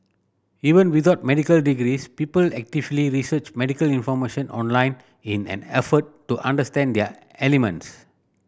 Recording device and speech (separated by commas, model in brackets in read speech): boundary microphone (BM630), read sentence